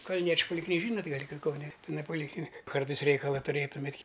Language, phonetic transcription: Lithuanian, kalˈniečiu polikˈly ˈžynot' ˈgal' ki kauˈne iˈnai polikˈlinik ˈkartais ˈreikala tuˈrėtumėt'

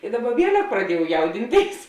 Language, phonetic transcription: Lithuanian, i ˈdaˌba ˈvielek praˈdiejau ˈjaudinˌtėis

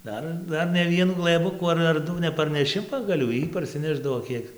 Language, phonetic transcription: Lithuanian, ˈdar ˈdar ne ˈvienų glɘˈbukų ar ar ˈdu neparneˈši pagaˈlių ˈjy parsiˈnešdavo ˈkiek

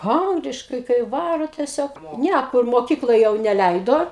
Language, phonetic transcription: Lithuanian, ˈangliškai kai ˈvaro tieˈsiog ˈnæ kur moˈkykloj jau neˈleido

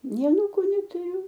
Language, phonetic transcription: Lithuanian, ˈnei aˈnūku netuˈriu

